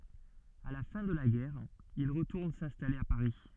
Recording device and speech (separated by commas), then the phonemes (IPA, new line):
soft in-ear microphone, read sentence
a la fɛ̃ də la ɡɛʁ il ʁətuʁn sɛ̃stale a paʁi